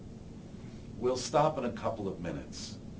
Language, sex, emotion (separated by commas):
English, male, neutral